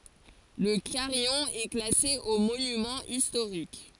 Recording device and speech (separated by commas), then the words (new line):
forehead accelerometer, read sentence
Le carillon est classé aux monuments historiques.